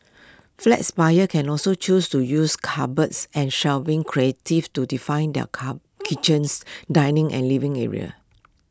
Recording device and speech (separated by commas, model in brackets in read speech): close-talking microphone (WH20), read sentence